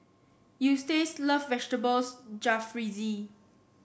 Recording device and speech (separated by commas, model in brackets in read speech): boundary microphone (BM630), read sentence